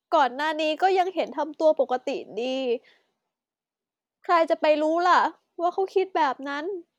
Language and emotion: Thai, sad